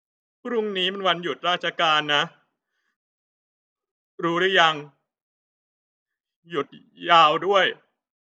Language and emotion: Thai, sad